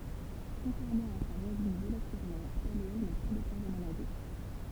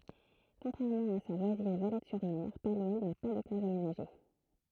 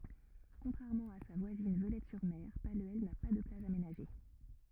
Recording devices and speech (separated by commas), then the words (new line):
temple vibration pickup, throat microphone, rigid in-ear microphone, read sentence
Contrairement à sa voisine Veulettes-sur-Mer, Paluel n'a pas de plage aménagée.